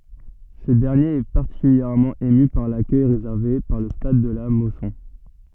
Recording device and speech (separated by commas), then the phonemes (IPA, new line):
soft in-ear microphone, read sentence
sə dɛʁnjeʁ ɛ paʁtikyljɛʁmɑ̃ emy paʁ lakœj ʁezɛʁve paʁ lə stad də la mɔsɔ̃